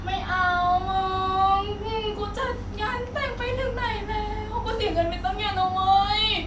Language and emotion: Thai, sad